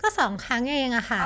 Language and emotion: Thai, happy